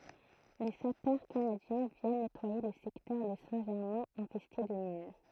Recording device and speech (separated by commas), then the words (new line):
throat microphone, read sentence
Les sapeurs canadiens viennent nettoyer le secteur de Saint-Germain infesté de mines.